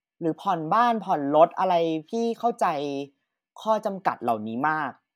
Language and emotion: Thai, frustrated